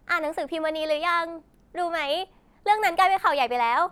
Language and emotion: Thai, happy